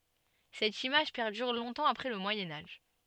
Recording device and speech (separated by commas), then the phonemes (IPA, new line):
soft in-ear microphone, read sentence
sɛt imaʒ pɛʁdyʁ lɔ̃tɑ̃ apʁɛ lə mwajɛ̃ aʒ